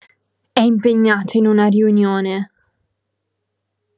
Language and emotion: Italian, angry